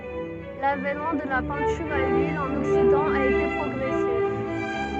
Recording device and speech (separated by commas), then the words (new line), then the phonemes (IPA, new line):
soft in-ear microphone, read sentence
L'avènement de la peinture à l'huile en Occident a été progressif.
lavɛnmɑ̃ də la pɛ̃tyʁ a lyil ɑ̃n ɔksidɑ̃ a ete pʁɔɡʁɛsif